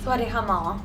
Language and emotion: Thai, neutral